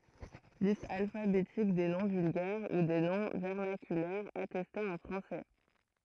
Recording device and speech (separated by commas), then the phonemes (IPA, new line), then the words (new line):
throat microphone, read sentence
list alfabetik de nɔ̃ vylɡɛʁ u de nɔ̃ vɛʁnakylɛʁz atɛstez ɑ̃ fʁɑ̃sɛ
Liste alphabétique des noms vulgaires ou des noms vernaculaires attestés en français.